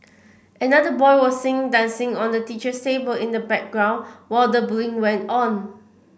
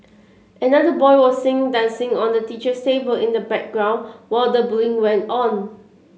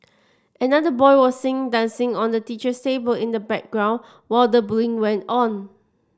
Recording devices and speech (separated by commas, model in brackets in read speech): boundary microphone (BM630), mobile phone (Samsung C7), standing microphone (AKG C214), read sentence